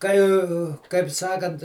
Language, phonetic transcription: Lithuanian, ˈkai kaip ˈsakant

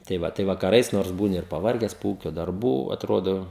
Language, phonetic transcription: Lithuanian, tai ˈva tai vakaˈrais nors ˈbūni ir paˈvarges po ˈūkio darˈbų atˈrodo

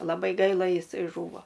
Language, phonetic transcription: Lithuanian, laˈbai ˈgaila jiˈsai ˈžūvo

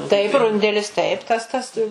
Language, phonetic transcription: Lithuanian, taip ˈrundelis ˈtaip ˈtas ˈtas

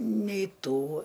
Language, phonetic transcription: Lithuanian, neiˈtų

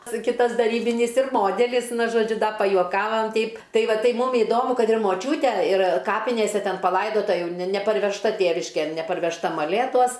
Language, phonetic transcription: Lithuanian, ˈsu ˈkitas daˈrybinys ir ˈmodelis ˈnu žoˈdžiu ˈda pajuoˈkavam ˈteip ˈtai ˈva ˈtai ˈmum iˈdomu ˈkad ir moˈčiūte ir ˈkapinėse ˈten paˈlaidota ˈjau ne neparvežˈta ˈtėviškėn neparvežˈta maˈlėtuos

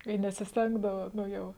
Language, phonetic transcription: Lithuanian, i nesisˈtengdava ˈnu ˈjau

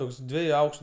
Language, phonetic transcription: Lithuanian, ˈtoks ˈdvieju ˈaukštu

